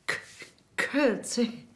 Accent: British accent